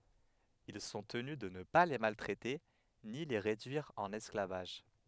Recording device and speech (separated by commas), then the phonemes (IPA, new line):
headset microphone, read sentence
il sɔ̃ təny də nə pa le maltʁɛte ni le ʁedyiʁ ɑ̃n ɛsklavaʒ